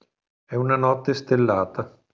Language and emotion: Italian, neutral